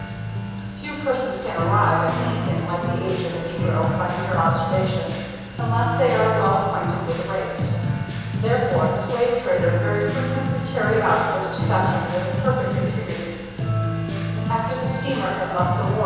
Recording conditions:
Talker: one person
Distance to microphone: 7.1 m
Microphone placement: far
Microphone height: 1.7 m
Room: very reverberant, large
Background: music

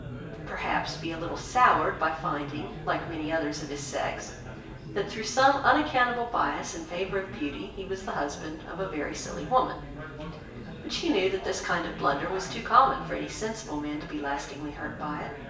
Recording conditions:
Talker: one person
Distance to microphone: 1.8 m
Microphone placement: close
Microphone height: 1.0 m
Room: large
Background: babble

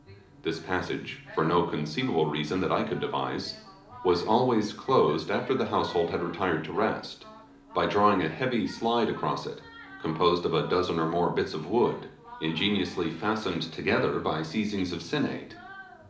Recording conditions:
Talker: one person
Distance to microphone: 2.0 m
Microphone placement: close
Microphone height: 99 cm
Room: medium-sized (5.7 m by 4.0 m)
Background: television

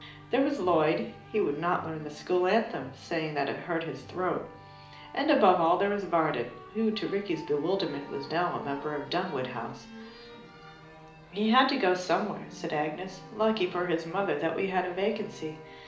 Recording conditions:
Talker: one person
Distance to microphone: 2.0 m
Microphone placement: close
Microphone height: 99 cm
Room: medium-sized (5.7 m by 4.0 m)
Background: music

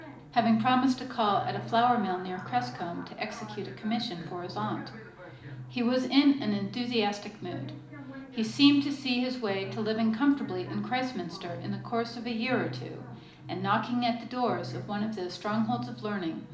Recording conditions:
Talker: one person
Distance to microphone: 2.0 m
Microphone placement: close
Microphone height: 99 cm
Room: medium-sized (5.7 m by 4.0 m)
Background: television

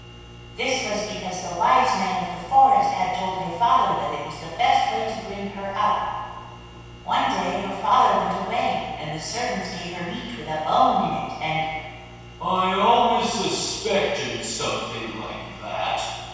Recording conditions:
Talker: one person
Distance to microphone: 7.1 m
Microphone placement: far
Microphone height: 1.7 m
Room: very reverberant, large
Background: none

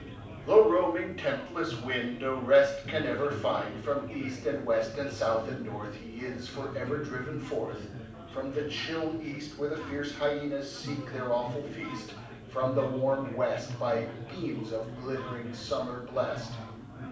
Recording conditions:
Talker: one person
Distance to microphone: 5.8 m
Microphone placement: far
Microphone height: 1.8 m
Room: medium-sized (5.7 m by 4.0 m)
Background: babble

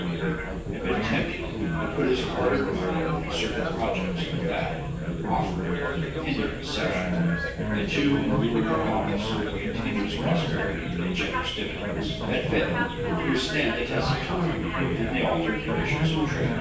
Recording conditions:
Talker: one person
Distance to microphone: 9.8 m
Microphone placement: far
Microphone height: 1.8 m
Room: large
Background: babble

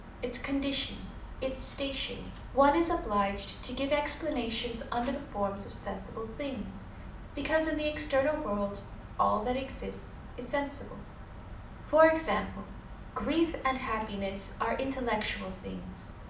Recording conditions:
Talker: one person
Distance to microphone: 2.0 m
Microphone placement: close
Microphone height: 99 cm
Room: medium-sized (5.7 m by 4.0 m)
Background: television

